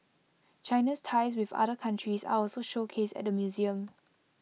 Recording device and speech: mobile phone (iPhone 6), read sentence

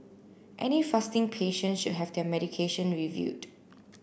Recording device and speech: boundary microphone (BM630), read sentence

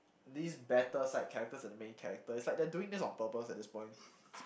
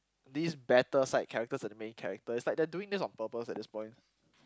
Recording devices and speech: boundary microphone, close-talking microphone, conversation in the same room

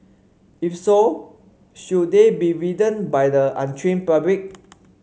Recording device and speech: mobile phone (Samsung C5), read sentence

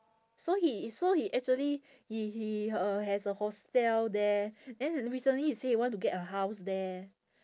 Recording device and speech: standing microphone, conversation in separate rooms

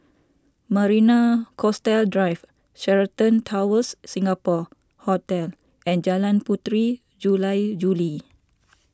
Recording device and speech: standing microphone (AKG C214), read sentence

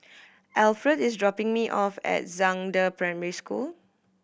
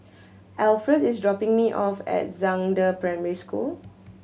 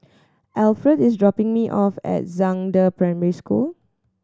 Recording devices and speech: boundary microphone (BM630), mobile phone (Samsung C7100), standing microphone (AKG C214), read sentence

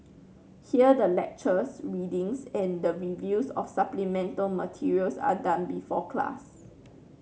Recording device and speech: mobile phone (Samsung C9), read sentence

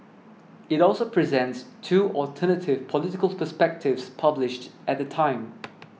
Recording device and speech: mobile phone (iPhone 6), read sentence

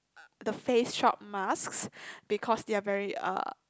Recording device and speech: close-talking microphone, conversation in the same room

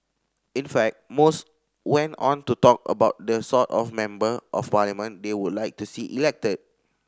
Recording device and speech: standing microphone (AKG C214), read sentence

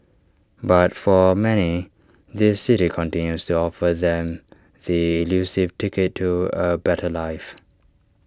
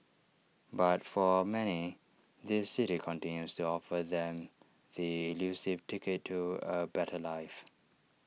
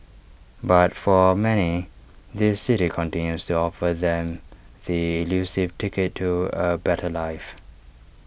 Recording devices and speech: standing microphone (AKG C214), mobile phone (iPhone 6), boundary microphone (BM630), read sentence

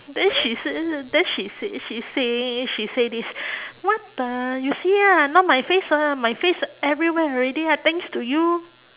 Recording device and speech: telephone, conversation in separate rooms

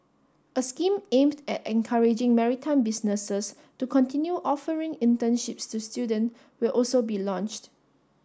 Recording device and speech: standing microphone (AKG C214), read sentence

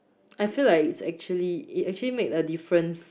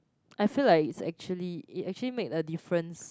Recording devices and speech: boundary microphone, close-talking microphone, conversation in the same room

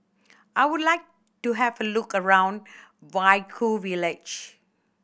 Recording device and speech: boundary microphone (BM630), read sentence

